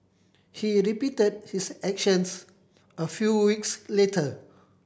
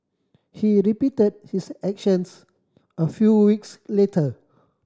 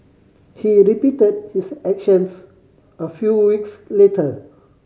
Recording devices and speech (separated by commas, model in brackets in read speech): boundary microphone (BM630), standing microphone (AKG C214), mobile phone (Samsung C5010), read sentence